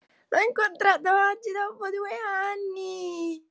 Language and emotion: Italian, happy